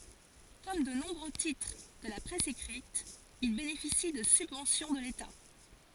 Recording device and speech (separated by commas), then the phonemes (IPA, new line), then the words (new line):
forehead accelerometer, read sentence
kɔm də nɔ̃bʁø titʁ də la pʁɛs ekʁit il benefisi də sybvɑ̃sjɔ̃ də leta
Comme de nombreux titres de la presse écrite, il bénéficie de subventions de l'État.